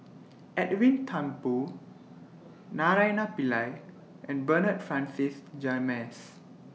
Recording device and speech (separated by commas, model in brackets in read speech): mobile phone (iPhone 6), read sentence